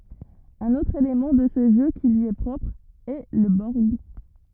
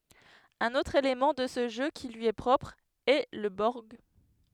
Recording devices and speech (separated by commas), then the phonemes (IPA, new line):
rigid in-ear microphone, headset microphone, read sentence
œ̃n otʁ elemɑ̃ də sə ʒø ki lyi ɛ pʁɔpʁ ɛ lə bɔʁɡ